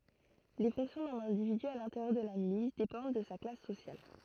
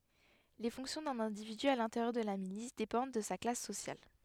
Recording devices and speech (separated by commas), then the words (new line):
throat microphone, headset microphone, read sentence
Les fonctions d’un individu à l’intérieur de la milice dépendent de sa classe sociale.